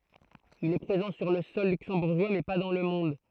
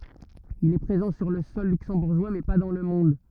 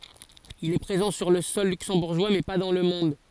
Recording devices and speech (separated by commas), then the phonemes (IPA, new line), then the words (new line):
throat microphone, rigid in-ear microphone, forehead accelerometer, read sentence
il ɛ pʁezɑ̃ syʁ lə sɔl lyksɑ̃buʁʒwa mɛ pa dɑ̃ lə mɔ̃d
Il est présent sur le sol luxembourgeois mais pas dans le monde.